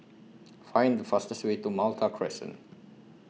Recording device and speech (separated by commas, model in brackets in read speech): mobile phone (iPhone 6), read sentence